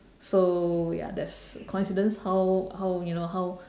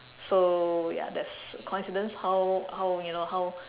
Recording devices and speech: standing microphone, telephone, conversation in separate rooms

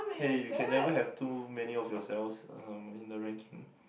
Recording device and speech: boundary microphone, conversation in the same room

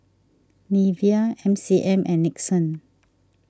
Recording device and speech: standing microphone (AKG C214), read sentence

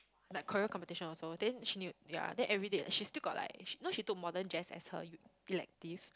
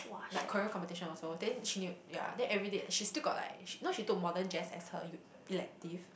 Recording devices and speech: close-talking microphone, boundary microphone, conversation in the same room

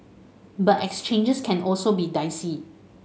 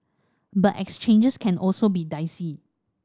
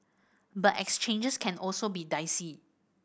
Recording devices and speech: mobile phone (Samsung S8), standing microphone (AKG C214), boundary microphone (BM630), read sentence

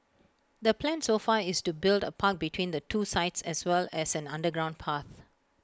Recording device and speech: close-talking microphone (WH20), read sentence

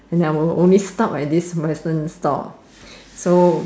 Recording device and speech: standing microphone, conversation in separate rooms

